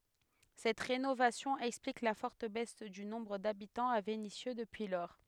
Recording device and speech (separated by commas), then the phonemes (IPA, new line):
headset microphone, read sentence
sɛt ʁenovasjɔ̃ ɛksplik la fɔʁt bɛs dy nɔ̃bʁ dabitɑ̃z a venisjø dəpyi lɔʁ